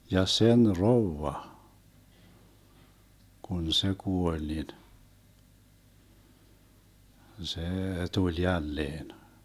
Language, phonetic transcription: Finnish, 'ja 'sen "rovva , 'kun "se 'kuoĺ nin , 'see 'tuĺ 'jälleen .
- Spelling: ja sen rouva kun se kuoli niin se tuli jälleen

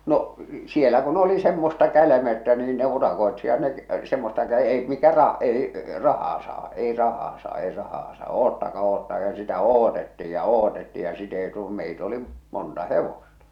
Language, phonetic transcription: Finnish, no , 'sielä kun oli semmosta 'kälämeʸttä niin ne 'urakoetsijat ne , semmosta kä- ei 'mikä ra- , ei , 'rahaa saa , 'ei 'rahaa saa ei rahaa sa̳ 'oottaka oottaka ja sitä "ootettij ja "ootetti ja sit ‿ei tu- , meit ‿oli , monta "hevosta .
- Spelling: no siellä kun oli semmoista kälmeyttä niin ne urakoitsijat ne semmoista - ei mikä - ei rahaa saa ei rahaa saa ei rahaa saa odottakaa odottakaa ja sitä odotettiin ja odotettiin ja sitten ei - meitä oli monta hevosta

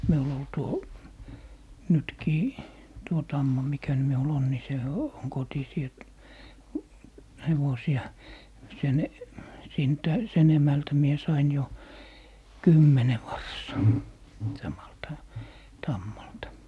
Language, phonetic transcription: Finnish, miul ‿ol 'tuo , 'nytkii , tuo "tamma mikä (ny) miu'l ‿on ni 'se , on 'kotisii et , 'hevosi₍a , 'sen , 'sintä , 'sen 'emältä mie 'sain jo , "kymmene 'vars̀aa , 'samalta , 'tammalta .
- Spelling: minulla oli tuo nytkin tuo tamma mikä nyt minulla on niin se on kotisia että hevosia sen siitä sen emältä minä sain jo kymmenen varsaa samalta tammalta

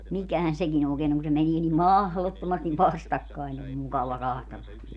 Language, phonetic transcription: Finnish, 'mikähän 'sekin ‿ookeen ‿oŋ ku se 'menii nim "mahlottomastiv 'vastakkain se om 'mukava 'kahtellan niitä .
- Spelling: mikähän sekin oikein on kun se menee niin mahdottomasti vastakkain se on mukava katsella niitä

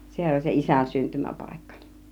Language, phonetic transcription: Finnish, 'se(hän) oĺ se "isän 'syntymäpàikka .
- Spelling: sehän oli se isän syntymäpaikka

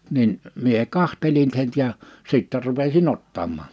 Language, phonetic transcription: Finnish, nin , mie 'kahtelin (sen) ja , 'sìttɛ rupesi"n ‿ottammaan .
- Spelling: niin minä katselin sen ja sitten rupesin ottamaan

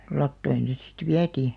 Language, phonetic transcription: Finnish, 'lattoin̬ se sit "viätii .
- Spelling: latoihin se sitten vietiin

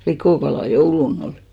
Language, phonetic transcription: Finnish, 'likòkalà "joulu'n ‿olɪ .
- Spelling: likokalaa jouluna oli

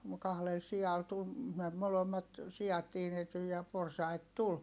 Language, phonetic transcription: Finnish, mu- kahlel si₍al tul , me- , molommat , si₍at tiinety ja porsait tul .
- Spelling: - kahdella sialla tuli - molemmat siat tiinettyi ja porsaita tuli

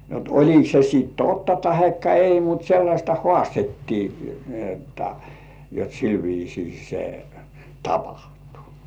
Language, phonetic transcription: Finnish, jot 'oĺik se sìt "totta 'tahekka "ei mut 'sellaśta "hŏàstettii , ni otta , jot 'sil viisii se "tapahtᴜ .
- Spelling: jotta oliko se sitten totta tai ei mutta sellaista haastettiin niin jotta jotta sillä viisiin se tapahtui

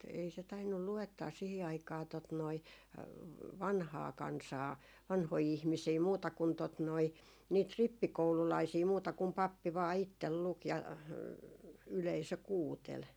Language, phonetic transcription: Finnish, ei se tainnul 'lu₍ettaa sihi aikaa tot noi , "vanhaa 'kansaa , 'vanhoi 'ihmisii 'muuta kun tot noi , niit "rippikoululaisii muuta kum 'pappi vaa 'ittel 'luk ja , 'yleisö "kuutel .
- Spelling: ei se tainnut luettaa siihen aikaan tuota noin vanhaa kansaa vanhoja ihmisiä muuta kuin tuota noin niitä rippikoululaisia muuta kuin pappi vain itse luki ja yleisö kuunteli

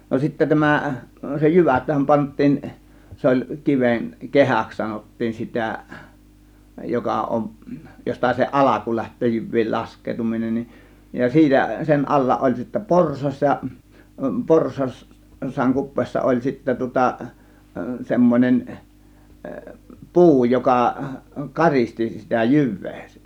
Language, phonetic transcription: Finnish, no sittä 'tämä , se "jyväthäm 'pant̆tiin , 'se oĺ 'kiven , "kehäks 'sanot̀tiin "sitä̀ , 'joka ˀomˀ , josta se "ˀalaku 'läht̆töö 'jyv̆viil "lask̀eetuminen nin , ja 'siitä sen 'alla ˀoĺ sittä "porsas ja , 'porsas , -s̀aaŋ 'kup̆peessa oĺ sittä tŭŏta 'semmon͕en , "puu joka , "karisti sitä "jyv̆vEE .
- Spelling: no sitten tämä se jyväthän pantiin se oli kiven kehäksi sanottiin sitä joka on josta se alku lähtee jyvien laskeutuminen niin ja siitä sen alla oli sitten porsas ja - porsaan kupeessa oli sitten tuota semmoinen puu joka karisti sitä jyvää

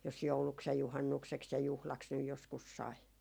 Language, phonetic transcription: Finnish, jos 'jouluks ja 'juhannukseks ja 'juhlaks nyj joskus 'sai .
- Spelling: jos jouluksi ja juhannukseksi ja juhlaksi nyt joskus sai

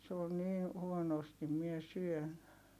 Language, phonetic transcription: Finnish, se on̆ niin , huonostim mie syön .
- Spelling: se on niin huonosti minä syön

